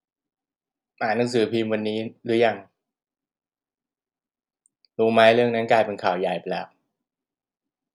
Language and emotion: Thai, frustrated